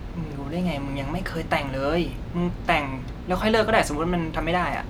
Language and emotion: Thai, neutral